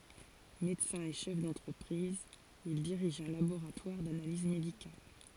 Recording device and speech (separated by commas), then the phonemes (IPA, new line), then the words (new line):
forehead accelerometer, read sentence
medəsɛ̃ e ʃɛf dɑ̃tʁəpʁiz il diʁiʒ œ̃ laboʁatwaʁ danaliz medikal
Médecin et chef d'entreprise, il dirige un laboratoire d'analyses médicales.